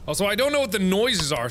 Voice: Kinda sing-songy